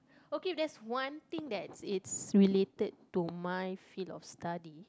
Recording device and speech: close-talking microphone, conversation in the same room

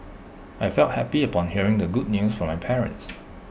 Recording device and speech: boundary microphone (BM630), read sentence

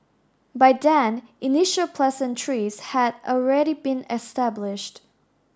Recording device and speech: standing microphone (AKG C214), read sentence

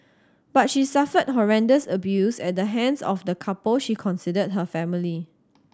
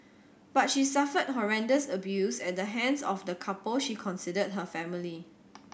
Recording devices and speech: standing microphone (AKG C214), boundary microphone (BM630), read sentence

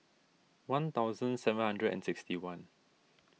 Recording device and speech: mobile phone (iPhone 6), read sentence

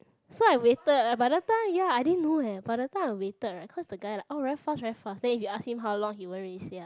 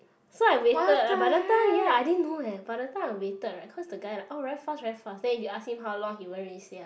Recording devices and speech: close-talking microphone, boundary microphone, conversation in the same room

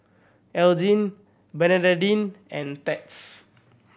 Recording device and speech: boundary microphone (BM630), read sentence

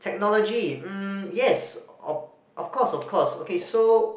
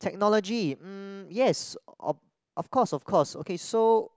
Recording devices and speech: boundary microphone, close-talking microphone, conversation in the same room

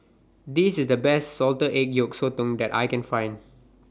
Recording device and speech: standing microphone (AKG C214), read sentence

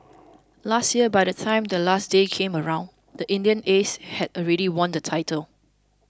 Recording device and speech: close-talking microphone (WH20), read sentence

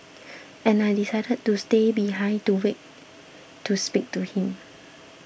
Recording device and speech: boundary microphone (BM630), read sentence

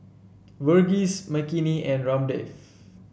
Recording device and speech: boundary microphone (BM630), read sentence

